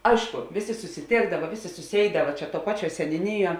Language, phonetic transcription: Lithuanian, ˈaišku ˈvėˌsė susiˈtėkdava ˈvėˌsė suˈsėidava čia tuo ˈpaˌčiuo seniuˈniˌjuo

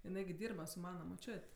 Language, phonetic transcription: Lithuanian, jiˈnai gi ˈdyrba su ˈmana moˈčiot'

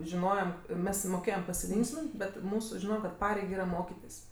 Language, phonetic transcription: Lithuanian, žiˈnojam ˈmes moˈkėjam pasiˈlinksmint bet ˈmūsu ˈžino kad ˈpareig ˈyra ˈmokitis

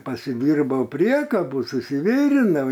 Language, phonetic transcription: Lithuanian, pasiˈdyrbau ˈpriekabų susiˈvirinau

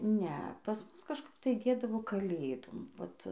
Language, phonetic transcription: Lithuanian, ˈne pas ˈmus kažˈkap tai ˈdėdavo kaˈlėdom ˈvat

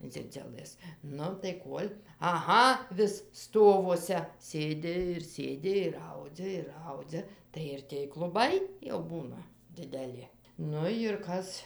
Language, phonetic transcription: Lithuanian, ˈdzidziulɘs ˈnu tai ˈkuol' aˈha vis ˈstovuose ˈsėdi ir ˈsėdi ir ˈaudzia ir ˈaudzia tai ir tėj kluˈbai jau ˈbūna dideˈli ˈnu jir ˈkas

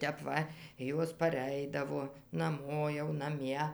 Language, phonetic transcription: Lithuanian, ˈtep ˈva ˈjos paˈreidavo naˈmo jau naˈmie

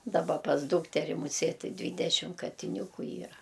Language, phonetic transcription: Lithuanian, daˈba pas ˈdūkteri muˈsėt' ti ˈdvydešim katiˈniūku ˈyra

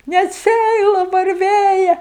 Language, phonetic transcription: Lithuanian, net ˈsæila varˈvėja

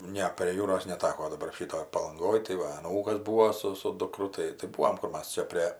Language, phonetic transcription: Lithuanian, ˈne prie ˈjūros neˈtako daˈbar ˈšytoj palanˈgoj tai ˈva aˈnūkas ˈbūo su su duˈkru ˈtai tai ˈbūvom ˈkur ˈmas ˈčia prė

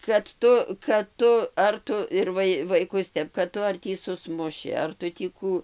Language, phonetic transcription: Lithuanian, kad ˈtu kad ˈtu ar ˈtu ir ˈvai ir vaiˈkus ˈtep kad ˈtu ar ˈtį suˈsmuši ar ˈtu tį ˈkų

